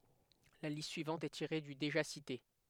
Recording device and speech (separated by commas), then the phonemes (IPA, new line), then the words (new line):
headset microphone, read sentence
la list syivɑ̃t ɛ tiʁe dy deʒa site
La liste suivante est tirée du déjà cité.